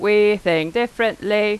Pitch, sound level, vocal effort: 210 Hz, 91 dB SPL, very loud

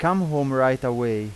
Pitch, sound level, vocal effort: 130 Hz, 90 dB SPL, loud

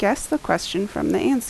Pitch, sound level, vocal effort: 290 Hz, 79 dB SPL, normal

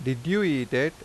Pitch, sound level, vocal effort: 145 Hz, 88 dB SPL, normal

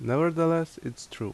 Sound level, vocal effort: 81 dB SPL, loud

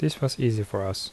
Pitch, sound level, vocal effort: 120 Hz, 73 dB SPL, soft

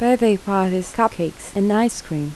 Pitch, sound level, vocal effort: 200 Hz, 78 dB SPL, soft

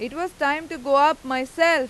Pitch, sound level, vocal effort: 290 Hz, 98 dB SPL, very loud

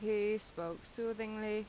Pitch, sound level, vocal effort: 215 Hz, 86 dB SPL, loud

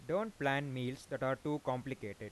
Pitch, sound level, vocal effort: 135 Hz, 91 dB SPL, normal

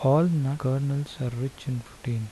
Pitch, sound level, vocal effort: 135 Hz, 76 dB SPL, soft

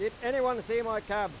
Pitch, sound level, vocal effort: 230 Hz, 103 dB SPL, very loud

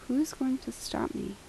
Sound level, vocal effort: 75 dB SPL, soft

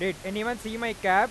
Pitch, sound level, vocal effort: 215 Hz, 102 dB SPL, loud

